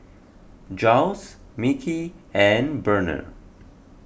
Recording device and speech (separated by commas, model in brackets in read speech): boundary microphone (BM630), read sentence